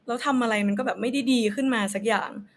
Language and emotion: Thai, frustrated